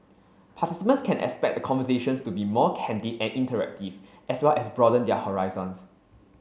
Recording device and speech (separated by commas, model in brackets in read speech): mobile phone (Samsung C7), read sentence